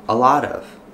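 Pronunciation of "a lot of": In 'a lot of', the words are linked and flow together.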